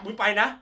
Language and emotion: Thai, happy